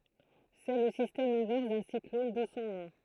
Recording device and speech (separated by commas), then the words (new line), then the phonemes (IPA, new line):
throat microphone, read sentence
C'est le système inverse d'un cyclone, d'où son nom.
sɛ lə sistɛm ɛ̃vɛʁs dœ̃ siklɔn du sɔ̃ nɔ̃